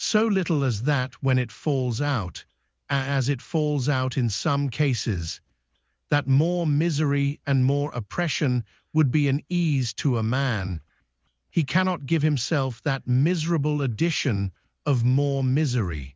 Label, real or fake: fake